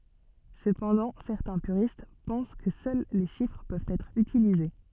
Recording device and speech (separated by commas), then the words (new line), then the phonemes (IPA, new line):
soft in-ear microphone, read sentence
Cependant, certains puristes pensent que seuls les chiffres peuvent être utilisés.
səpɑ̃dɑ̃ sɛʁtɛ̃ pyʁist pɑ̃s kə sœl le ʃifʁ pøvt ɛtʁ ytilize